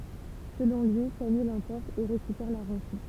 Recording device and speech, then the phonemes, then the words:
temple vibration pickup, read sentence
səlɔ̃ lyi kamij lɑ̃pɔʁt e ʁekypɛʁ la ʁɑ̃sɔ̃
Selon lui, Camille l'emporte et récupère la rançon.

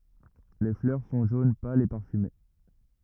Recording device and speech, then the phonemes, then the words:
rigid in-ear microphone, read sentence
le flœʁ sɔ̃ ʒon pal e paʁfyme
Les fleurs sont jaune pâle et parfumées.

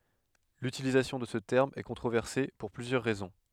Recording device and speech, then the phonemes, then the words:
headset microphone, read sentence
lytilizasjɔ̃ də sə tɛʁm ɛ kɔ̃tʁovɛʁse puʁ plyzjœʁ ʁɛzɔ̃
L'utilisation de ce terme est controversé pour plusieurs raisons.

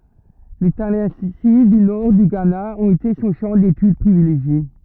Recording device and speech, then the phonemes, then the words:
rigid in-ear microphone, read sentence
le talɑ̃si dy nɔʁ dy ɡana ɔ̃t ete sɔ̃ ʃɑ̃ detyd pʁivileʒje
Les Tallensi du Nord du Ghana ont été son champ d'étude privilégié.

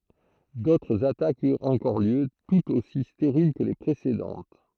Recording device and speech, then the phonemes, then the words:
throat microphone, read sentence
dotʁz atakz yʁt ɑ̃kɔʁ ljø tutz osi steʁil kə le pʁesedɑ̃t
D'autres attaques eurent encore lieu, toutes aussi stériles que les précédentes.

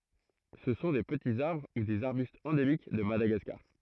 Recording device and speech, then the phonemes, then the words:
throat microphone, read sentence
sə sɔ̃ de pətiz aʁbʁ u dez aʁbystz ɑ̃demik də madaɡaskaʁ
Ce sont des petits arbres ou des arbustes endémiques de Madagascar.

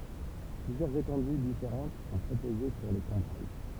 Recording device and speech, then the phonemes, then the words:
temple vibration pickup, read sentence
plyzjœʁz etɑ̃dy difeʁɑ̃t sɔ̃ pʁopoze puʁ le kɔ̃bʁaj
Plusieurs étendues différentes sont proposées pour les Combrailles.

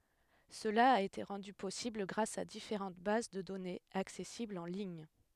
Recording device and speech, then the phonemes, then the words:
headset microphone, read sentence
səla a ete ʁɑ̃dy pɔsibl ɡʁas a difeʁɑ̃t baz də dɔnez aksɛsiblz ɑ̃ liɲ
Cela a été rendu possible grâce à différentes bases de données, accessibles en lignes.

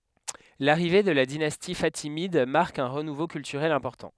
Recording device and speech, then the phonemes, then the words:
headset microphone, read sentence
laʁive də la dinasti fatimid maʁk œ̃ ʁənuvo kyltyʁɛl ɛ̃pɔʁtɑ̃
L'arrivée de la dynastie fatimide marque un renouveau culturel important.

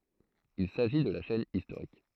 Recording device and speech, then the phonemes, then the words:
throat microphone, read sentence
il saʒi də la ʃɛn istoʁik
Il s'agit de la chaîne historique.

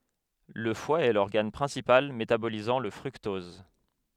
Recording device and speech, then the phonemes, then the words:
headset microphone, read sentence
lə fwa ɛ lɔʁɡan pʁɛ̃sipal metabolizɑ̃ lə fʁyktɔz
Le foie est l'organe principal métabolisant le fructose.

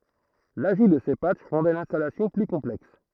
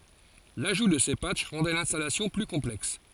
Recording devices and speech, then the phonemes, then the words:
throat microphone, forehead accelerometer, read sentence
laʒu də se patʃ ʁɑ̃dɛ lɛ̃stalasjɔ̃ ply kɔ̃plɛks
L'ajout de ces patchs rendaient l'installation plus complexe.

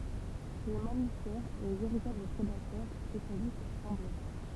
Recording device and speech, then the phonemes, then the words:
temple vibration pickup, read sentence
ʃe le mamifɛʁ le veʁitabl pʁedatœʁ spesjalist sɑ̃bl ʁaʁ
Chez les mammifères, les véritables prédateurs spécialistes semblent rares.

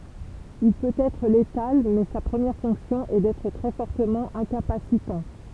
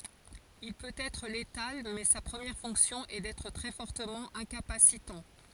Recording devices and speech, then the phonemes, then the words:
temple vibration pickup, forehead accelerometer, read sentence
il pøt ɛtʁ letal mɛ sa pʁəmjɛʁ fɔ̃ksjɔ̃ ɛ dɛtʁ tʁɛ fɔʁtəmɑ̃ ɛ̃kapasitɑ̃
Il peut être létal mais sa première fonction est d'être très fortement incapacitant.

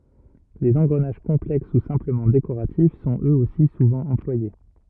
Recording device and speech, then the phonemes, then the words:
rigid in-ear microphone, read sentence
lez ɑ̃ɡʁənaʒ kɔ̃plɛks u sɛ̃pləmɑ̃ dekoʁatif sɔ̃t øz osi suvɑ̃ ɑ̃plwaje
Les engrenages complexes ou simplement décoratifs sont, eux aussi, souvent employés.

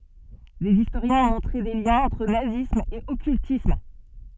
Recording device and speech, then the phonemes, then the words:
soft in-ear microphone, read sentence
dez istoʁjɛ̃z ɔ̃ mɔ̃tʁe de ljɛ̃z ɑ̃tʁ nazism e ɔkyltism
Des historiens ont montré des liens entre nazisme et occultisme.

